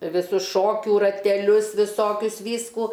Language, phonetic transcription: Lithuanian, viˈsus ˈšokių rateˈlius viˈsokius ˈvyskų

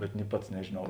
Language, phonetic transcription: Lithuanian, bet ni ˈpats nežėˈnau

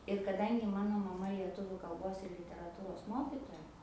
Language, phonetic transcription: Lithuanian, ir kaˈdangi ˈmano maˈma lieˈtuviu kalˈbos ir literaˈtūros ˈmokitoja

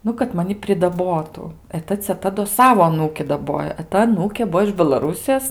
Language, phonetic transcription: Lithuanian, ˈnu kad ˈmani pridaˈbotu e ˈta ceˈta do ˈsavo aˈnūki daˈbojo e ˈta aˈnūkė ˈbuo iž belaˈrūsijos

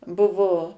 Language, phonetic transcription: Lithuanian, ˈbuvo

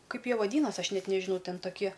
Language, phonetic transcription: Lithuanian, ˈkaip ˈjie vaˈdynas' ˈaš ˈnet nežiˈnau ˈten taˈkie

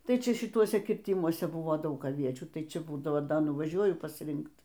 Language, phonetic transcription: Lithuanian, ˈtai ˈčia šiˈtuose kirˈtimuose ˈbuvo ˈdaug aˈviečių ˈtai ˈčia ˈbūdavo nuvaˈžiuoju pasˈrinkt

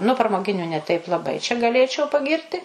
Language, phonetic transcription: Lithuanian, nu pramoˈginiu ne ˈteip laˈbai čia gaˈlėčiau paˈgirti

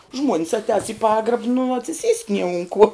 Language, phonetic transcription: Lithuanian, ˈžmuonis atˈēs i ˈpagrab nu atsiˈsiest' nie un kuo

